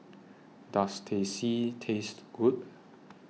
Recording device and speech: mobile phone (iPhone 6), read sentence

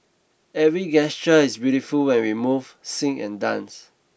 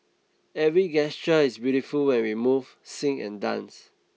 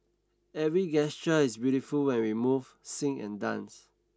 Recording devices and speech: boundary microphone (BM630), mobile phone (iPhone 6), standing microphone (AKG C214), read sentence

